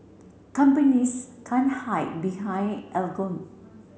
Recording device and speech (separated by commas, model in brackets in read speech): mobile phone (Samsung C7), read sentence